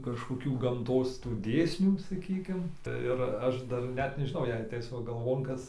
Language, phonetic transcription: Lithuanian, kažkoˈkių gamˈtos tų ˈdėsnių saˈkykim tai ir ˈaš dar ˈnet nežiˈnau jei atˈeis ˈva galˈvon ˈkas

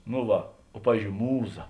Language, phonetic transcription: Lithuanian, no ˈva o ˈpavyzdžiou ˈmūˌza

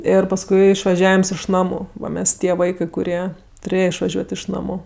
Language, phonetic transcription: Lithuanian, ˈir pasˈkui išvaˈžiavims iš ˈnamu ˈva ˈmes ˈtie ˈvaikɜ kuˈrie tuˈrėje išvaˈžiuot' iš ˈnamu

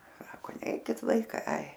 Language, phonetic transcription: Lithuanian, ˈsako ˈneikit ˈvaikai ai

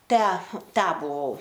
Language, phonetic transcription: Lithuanian, ˈtę ˈtę buˈvau

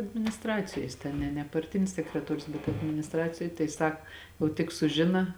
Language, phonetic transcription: Lithuanian, adminisˈtracijoj jis ˈten ne ne parˈtinis sekreˈtorius bet adminisˈtracijoj tai ˈsak o tik suˈžina

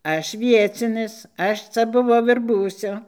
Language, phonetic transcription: Lithuanian, ˈaš ˈviecinis ˈaš ˈca buˈvau ir ˈbūsiu

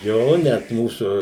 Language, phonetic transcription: Lithuanian, ˈjo net ˈmūsu

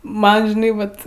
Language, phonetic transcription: Lithuanian, ˈman žiˈnai ˈvat

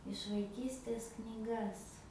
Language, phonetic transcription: Lithuanian, iš vaiˈkystės knyˈgas

